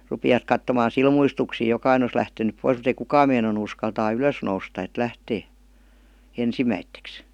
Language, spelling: Finnish, rupesivat katsomaan silmuistuksin jokainen olisi lähtenyt pois mutta ei kukaan meinannut uskaltaa ylös nousta että lähtee ensimmäiseksi
- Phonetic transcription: 'rupivat kattomaan̬ "silmuistuksiij 'jokaine os lähtenyp 'pois mut ‿ei "kukaam meinanu uskaltaa "ylös nousta et 'lähtee , "ensimäitteks .

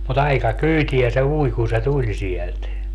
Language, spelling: Finnish, mutta aika kyytiä se ui kun se tuli sieltä
- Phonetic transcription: mu't ‿aika "kyyti₍ä se 'ui kun̬ se "tuĺ sielt .

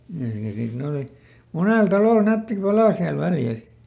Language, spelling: Finnish, - ja sitten ne oli monella talolla nätti pala siellä Väljä
- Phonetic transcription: jas- ja ˈsit ne oli , ˈmunèl ˈtalòl ˈnätti "palà siäl ˈVäljäs .

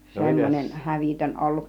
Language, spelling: Finnish, semmoinen hävytön ollut
- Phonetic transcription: 'semmonen "hävìtön olluˀ .

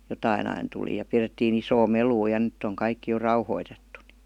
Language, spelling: Finnish, jotakin aina tuli ja pidettiin isoa melua ja nyt on kaikki jo rauhoitettu niin
- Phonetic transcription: 'jotain ‿ain tuli ja 'pirettii'n ‿isoo "meluu ja "nʸtt ‿oŋ 'kaikki jo 'rauhoitettu ni .

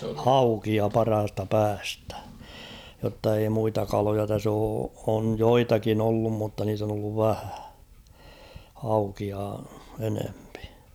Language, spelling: Finnish, haukea parhaasta päästä jotta ei muita kaloja tässä ole on joitakin ollut mutta niitä on ollut vähän haukia enempi
- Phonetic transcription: haukia 'parhasta 'päästä ; jotta ei muita 'kaloja täs ‿oo , oj "joitakin ‿ollum mutta niit ‿on ‿olluv 'vähᴀ̈ ; haukia 'enempɪ .

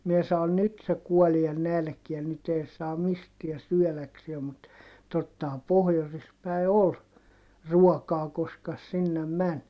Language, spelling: Finnish, minä sanoin nyt se kuolee nälkään nyt ei se mistään syödäkseen mutta tottahan pohjoisessa päin oli ruokaa koska - sinne meni
- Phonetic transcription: mie sa₍on » nyt se kuɔlie nälkiän nyt ‿ei se mistiä syɔ̈̀laksie » mut , tottaham pohjosis päi̮ ol , ruɔkaa koska ‿s- sinnem män .

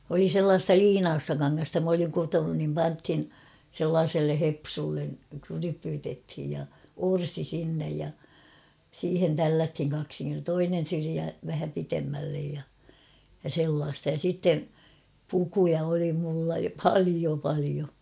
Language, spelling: Finnish, oli sellaista liinaista kangasta minä olin kutonut niin pantiin sellaiselle hepsulle rypytettiin ja orsi sinne ja siihen tällättiin kaksinkerroin toinen syrjä vähän pidemmälle ja ja sellaista ja sitten pukuja oli minulla paljon paljon
- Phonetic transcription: oli 'sellaasta "liinaasta kaŋŋasta m ‿oliŋ 'kutonun nim "panthin , 'sellaaselle 'hepsullen , krypytethij ja , "orsi 'sinnej ja , 'siihen "tälläthiŋ kaksiŋker[roon] "toinen̬ 'syriä 'vähä pitemmällej ja , ja 'sellaasta ja sitte , 'pukuja oli mulla "palio 'palio .

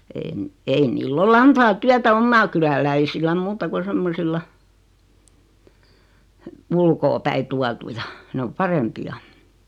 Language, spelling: Finnish, en ei niillä ole antaa työtä omaa kyläläisille muuta kuin semmoisilla ulkoapäin tuotuja ne on parempia
- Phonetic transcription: en , ei nil'l ‿o"l ‿antaa 'tyätä 'ommaa kyläläisilläm 'muuta ku 'semmosilla , 'ulkoopäi tuatuja , 'nᵉ om "parempi₍a .

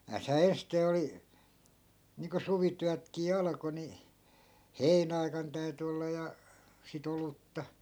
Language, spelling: Finnish, näethän ensisteen oli niin kuin suvityötkin alkoi niin heinäaikana täytyi olla ja sitä olutta
- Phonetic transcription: 'nääshää "enstee oli , niiŋko 'suvityätkii 'alᵃko ni , "heinä₍ai̮kan 'täy̬ty olla ja , si't ‿olutta .

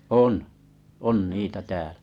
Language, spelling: Finnish, on on niitä täällä
- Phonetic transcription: 'on , 'on 'niitä 'täälᴀ̈ .

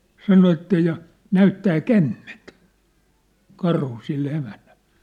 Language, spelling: Finnish, sanoi että ja näyttää kämmentä karhu sille emännälle
- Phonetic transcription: sano että ja , "näyttää "kämment , 'karhu 'sille emännäʟʟᴇ .

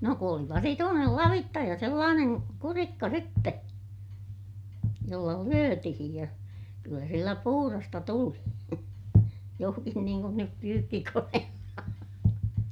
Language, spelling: Finnish, no kun oli vasituinen lavitsa ja sellainen kurikka sitten jolla lyötiin ja kyllä sillä puhdasta tuli johonkin niin kuin nyt pyykkikoneella
- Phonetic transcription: no ku oli vasituunel lavitta ja sellaaneŋ kurikka sitte , jolla lyötihij ja , kyllä sillä puhurasta tuli , johkin niiŋ kun nyp pyykkikoneella .

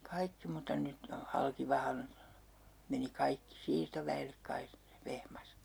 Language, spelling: Finnish, kaikki mutta nyt ne on Halkivahan meni kaikki siirtoväelle kai Vehmas
- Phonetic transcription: 'kaikki muta 'nyt ne o "Halkivahan , meni 'kaikki 'siirtovä₍ellek kai , 'Vehmas .

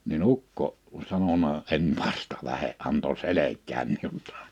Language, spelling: Finnish, niin ukko sanonut en vasta lähde antoi selkään minullakin
- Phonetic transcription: ni"n ‿ukko , 'sanona , » 'en "vasta 'lähe’ ’anto 'selek̆käm miu(llai) « .

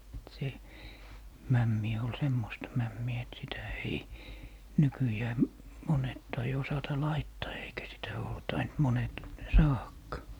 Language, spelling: Finnish, se mämmi oli semmoista mämmiä että sitä ei nykyään monet tai osata laittaa eikä sitä ole tainnut monet saadakaan
- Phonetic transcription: 'se , 'mämmi ol "semmosta 'mämmi₍ä et sitä ei , 'nykyjää , 'monet tai 'osata "laittaa eikä sitä oo 'taint 'monet , "saahakkaa .

